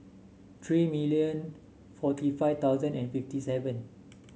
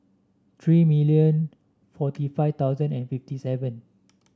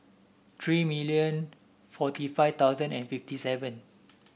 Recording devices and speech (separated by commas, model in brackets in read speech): mobile phone (Samsung S8), standing microphone (AKG C214), boundary microphone (BM630), read sentence